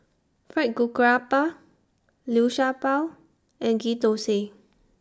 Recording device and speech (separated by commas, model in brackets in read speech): standing microphone (AKG C214), read sentence